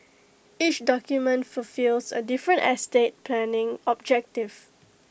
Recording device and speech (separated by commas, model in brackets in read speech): boundary microphone (BM630), read sentence